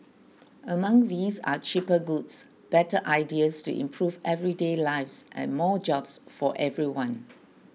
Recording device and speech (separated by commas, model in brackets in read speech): mobile phone (iPhone 6), read sentence